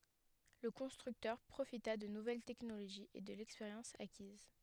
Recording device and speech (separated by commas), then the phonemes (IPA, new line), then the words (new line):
headset microphone, read sentence
lə kɔ̃stʁyktœʁ pʁofita də nuvɛl tɛknoloʒiz e də lɛkspeʁjɑ̃s akiz
Le constructeur profita de nouvelles technologies et de l'expérience acquise.